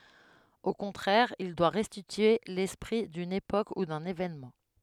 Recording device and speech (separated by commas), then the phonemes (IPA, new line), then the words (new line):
headset microphone, read sentence
o kɔ̃tʁɛʁ il dwa ʁɛstitye lɛspʁi dyn epok u dœ̃n evenmɑ̃
Au contraire, il doit restituer l’esprit d’une époque ou d’un événement.